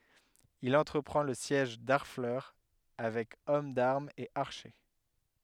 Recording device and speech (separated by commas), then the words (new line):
headset microphone, read sentence
Il entreprend le siège d'Harfleur avec hommes d'armes et archers.